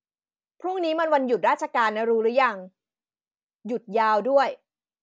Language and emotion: Thai, frustrated